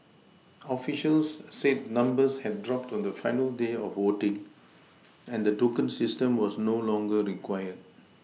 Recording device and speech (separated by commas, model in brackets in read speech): mobile phone (iPhone 6), read sentence